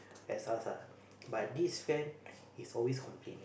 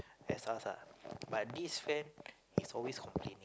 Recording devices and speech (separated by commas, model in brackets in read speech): boundary microphone, close-talking microphone, conversation in the same room